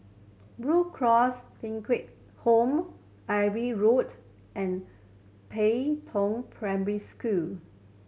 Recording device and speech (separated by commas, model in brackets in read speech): mobile phone (Samsung C7100), read sentence